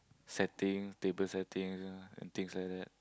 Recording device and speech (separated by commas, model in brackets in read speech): close-talking microphone, conversation in the same room